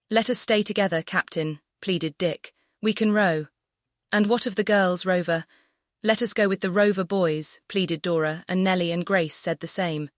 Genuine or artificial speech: artificial